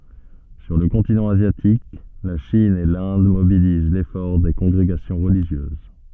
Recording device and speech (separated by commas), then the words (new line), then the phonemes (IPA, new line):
soft in-ear microphone, read sentence
Sur le continent asiatique, la Chine et l’Inde mobilisent l’effort des congrégations religieuses.
syʁ lə kɔ̃tinɑ̃ azjatik la ʃin e lɛ̃d mobiliz lefɔʁ de kɔ̃ɡʁeɡasjɔ̃ ʁəliʒjøz